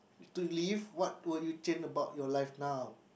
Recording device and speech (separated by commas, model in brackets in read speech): boundary microphone, conversation in the same room